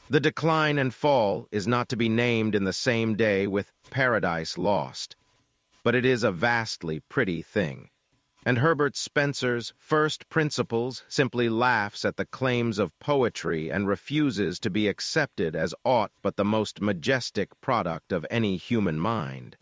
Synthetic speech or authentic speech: synthetic